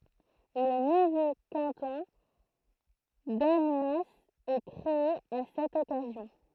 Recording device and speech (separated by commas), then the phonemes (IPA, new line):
throat microphone, read sentence
lə nuvo kɑ̃tɔ̃ danmas ɛ kʁee a sɛt ɔkazjɔ̃